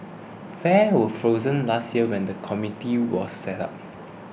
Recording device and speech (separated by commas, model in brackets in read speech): boundary microphone (BM630), read sentence